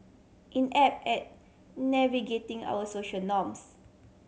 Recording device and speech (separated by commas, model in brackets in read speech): mobile phone (Samsung C7100), read sentence